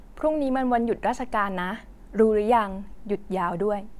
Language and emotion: Thai, neutral